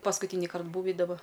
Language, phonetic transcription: Lithuanian, paskuˈtynikart ˈbūvi daˈba

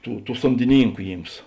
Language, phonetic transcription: Lithuanian, ˈtų ˈtų somdiˈnynku ˈjyms

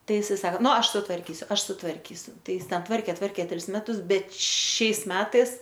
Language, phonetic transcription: Lithuanian, ˈtai iˈsai ˈsako ˈnu ˈaš sutvarˈkysiu ˈaš sutvarˈkysiu ˈtai ˈjis ˈten ˈtvarkė ˈtvarkė ˈtris ˈmetus ˈbet ˈšiais ˈmetais

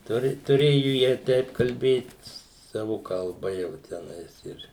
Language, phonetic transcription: Lithuanian, ˈturi tuˈrėju jie ˈteip kalˈbėt ˈsavu kalˈba jau teˈnais ir

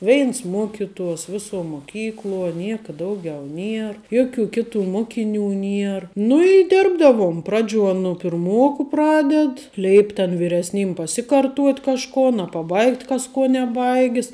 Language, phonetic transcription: Lithuanian, ˈveins ˈmuokituos ˈvisuo muoˈkykluo ˈnieka ˈdaugiau ˈnier ˈjoˌkių ˈkiˌtų ˈmokiˌnių ˈnier nu i ˈdirbdavuom ˈpraˌdžiuo nu pirˈmuoku ˈpraded ˈleip' ten viresˈnym paˈsikarˌtuot' kažˈkon a paˈbaigt' ˈkas ˈkuo neˈbaigis

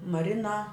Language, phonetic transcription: Lithuanian, maˈrina

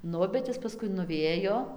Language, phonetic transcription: Lithuanian, ˈnu bet ˈjis paˈskui nuˈvėjo

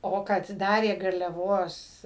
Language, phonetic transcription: Lithuanian, ˈo kad ˈdarė garliaˈvos

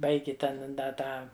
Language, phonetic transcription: Lithuanian, ˈbaigi ˈten ˈda ˈtą

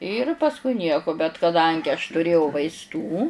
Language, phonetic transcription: Lithuanian, ir pasˈkui ˈnieko bet kaˈdangi aš tuˈrėjau vaisˈtų

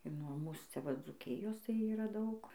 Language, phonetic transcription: Lithuanian, ir nuo ˈmūs ciaˈva dzūˈkijos tai ˈyra ˈdaug

